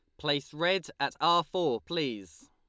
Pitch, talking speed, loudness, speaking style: 155 Hz, 155 wpm, -30 LUFS, Lombard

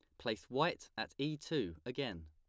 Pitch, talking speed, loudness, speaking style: 90 Hz, 175 wpm, -40 LUFS, plain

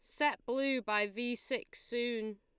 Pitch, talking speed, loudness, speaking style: 240 Hz, 165 wpm, -35 LUFS, Lombard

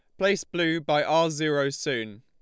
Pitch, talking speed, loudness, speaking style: 155 Hz, 180 wpm, -25 LUFS, Lombard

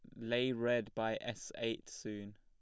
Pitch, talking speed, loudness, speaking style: 115 Hz, 165 wpm, -39 LUFS, plain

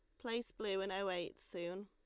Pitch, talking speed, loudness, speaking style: 195 Hz, 220 wpm, -42 LUFS, Lombard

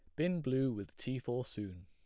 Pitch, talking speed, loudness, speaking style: 125 Hz, 220 wpm, -38 LUFS, plain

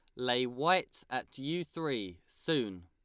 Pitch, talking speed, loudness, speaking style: 125 Hz, 135 wpm, -34 LUFS, Lombard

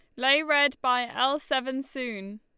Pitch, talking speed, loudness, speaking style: 265 Hz, 165 wpm, -25 LUFS, Lombard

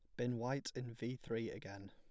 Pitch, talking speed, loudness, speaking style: 120 Hz, 210 wpm, -43 LUFS, plain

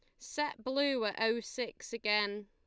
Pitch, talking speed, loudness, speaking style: 230 Hz, 160 wpm, -34 LUFS, Lombard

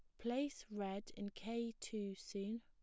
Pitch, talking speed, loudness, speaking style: 210 Hz, 150 wpm, -45 LUFS, plain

